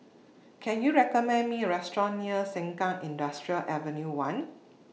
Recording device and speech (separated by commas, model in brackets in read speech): mobile phone (iPhone 6), read sentence